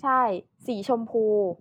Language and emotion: Thai, neutral